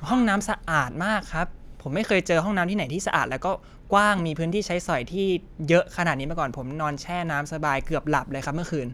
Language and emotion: Thai, happy